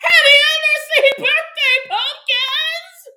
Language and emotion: English, fearful